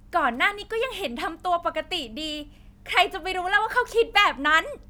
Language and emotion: Thai, happy